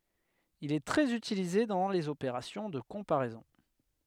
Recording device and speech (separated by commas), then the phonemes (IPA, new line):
headset microphone, read sentence
il ɛ tʁɛz ytilize dɑ̃ lez opeʁasjɔ̃ də kɔ̃paʁɛzɔ̃